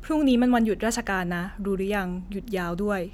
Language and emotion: Thai, neutral